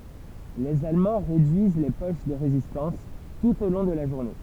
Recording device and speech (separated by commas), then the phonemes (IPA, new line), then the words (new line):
temple vibration pickup, read sentence
lez almɑ̃ ʁedyiz le poʃ də ʁezistɑ̃s tut o lɔ̃ də la ʒuʁne
Les Allemands réduisent les poches de résistance, tout au long de la journée.